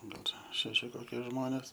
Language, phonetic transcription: Lithuanian, ˈgal ˈšeši ˈkokie ˈžmonės

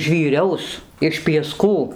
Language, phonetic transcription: Lithuanian, žvyˈriaus iš pieˈskų

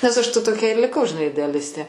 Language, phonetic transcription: Lithuanian, nes aš ta toˈkia ir liˈkau žiˈnai ideaˈlistė

